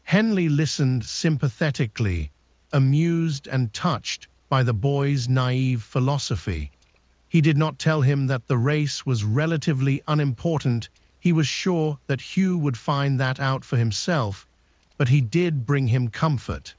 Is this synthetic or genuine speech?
synthetic